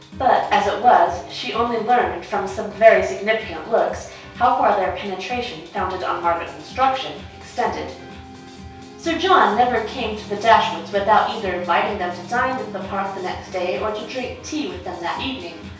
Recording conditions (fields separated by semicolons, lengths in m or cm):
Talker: one person; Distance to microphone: 3.0 m; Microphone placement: far; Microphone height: 1.8 m; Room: small (3.7 m by 2.7 m); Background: music